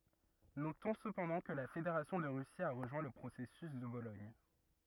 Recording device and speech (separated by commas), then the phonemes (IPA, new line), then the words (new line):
rigid in-ear microphone, read sentence
notɔ̃ səpɑ̃dɑ̃ kə la fedeʁasjɔ̃ də ʁysi a ʁəʒwɛ̃ lə pʁosɛsys də bolɔɲ
Notons cependant que la Fédération de Russie a rejoint le processus de Bologne.